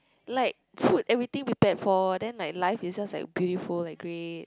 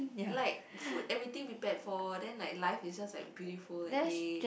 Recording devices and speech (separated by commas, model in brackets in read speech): close-talking microphone, boundary microphone, conversation in the same room